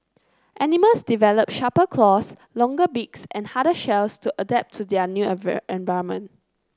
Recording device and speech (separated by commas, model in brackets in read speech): close-talking microphone (WH30), read sentence